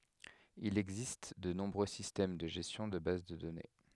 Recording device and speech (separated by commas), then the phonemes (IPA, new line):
headset microphone, read sentence
il ɛɡzist də nɔ̃bʁø sistɛm də ʒɛstjɔ̃ də baz də dɔne